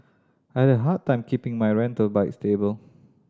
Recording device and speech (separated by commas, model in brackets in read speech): standing microphone (AKG C214), read sentence